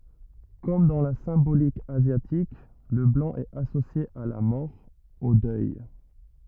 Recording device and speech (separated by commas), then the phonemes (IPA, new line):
rigid in-ear microphone, read sentence
kɔm dɑ̃ la sɛ̃bolik azjatik lə blɑ̃ ɛt asosje a la mɔʁ o dœj